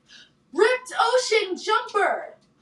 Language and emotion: English, happy